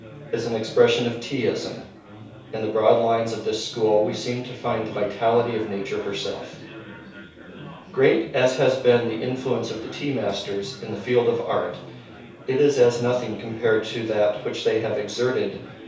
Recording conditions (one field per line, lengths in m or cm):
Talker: one person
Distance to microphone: 3.0 m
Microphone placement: far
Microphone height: 1.8 m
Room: small (3.7 m by 2.7 m)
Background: babble